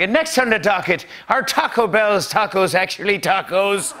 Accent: Irish accent